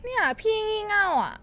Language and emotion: Thai, frustrated